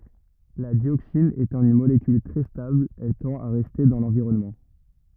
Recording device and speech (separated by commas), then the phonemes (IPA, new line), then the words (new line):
rigid in-ear microphone, read sentence
la djoksin etɑ̃ yn molekyl tʁɛ stabl ɛl tɑ̃t a ʁɛste dɑ̃ lɑ̃viʁɔnmɑ̃
La dioxine étant une molécule très stable, elle tend à rester dans l'environnement.